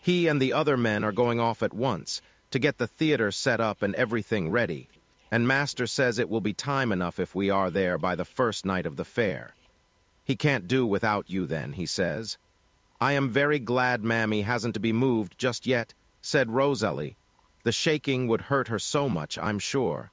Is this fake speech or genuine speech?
fake